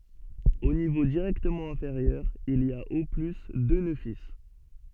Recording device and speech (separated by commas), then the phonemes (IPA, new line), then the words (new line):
soft in-ear microphone, read sentence
o nivo diʁɛktəmɑ̃ ɛ̃feʁjœʁ il i a o ply dø nø fil
Au niveau directement inférieur, il y a au plus deux nœuds fils.